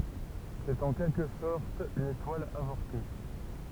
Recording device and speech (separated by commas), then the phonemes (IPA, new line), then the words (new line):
temple vibration pickup, read sentence
sɛt ɑ̃ kɛlkə sɔʁt yn etwal avɔʁte
C'est en quelque sorte une étoile avortée.